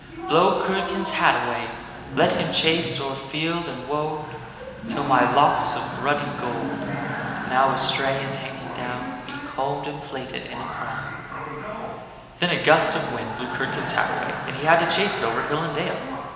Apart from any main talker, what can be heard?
A television.